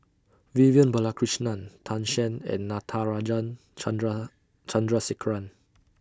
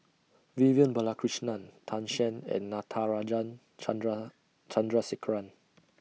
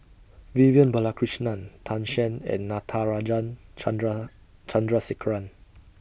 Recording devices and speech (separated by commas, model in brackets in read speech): standing microphone (AKG C214), mobile phone (iPhone 6), boundary microphone (BM630), read sentence